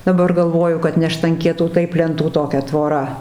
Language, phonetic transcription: Lithuanian, daˈbar galˈvoju kad ne štanˈkietų ˈtaip lenˈtų toˈkia tvoˈra

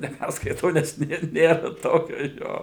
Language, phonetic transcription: Lithuanian, neˈpærskaitau nes ˈnėr ˈnėra ˈtokio ˈjo

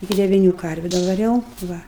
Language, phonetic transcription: Lithuanian, iˈki deviˈnių ˈkarviu davaˈriau ˈva

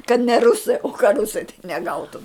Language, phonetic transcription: Lithuanian, kad ne ˈrusai o ka ˈrusai tai neˈgautum

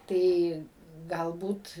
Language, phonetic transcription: Lithuanian, ˈtai ˈgalbūt

